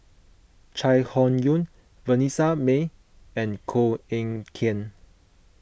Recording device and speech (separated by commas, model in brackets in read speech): boundary microphone (BM630), read sentence